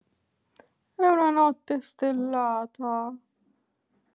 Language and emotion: Italian, sad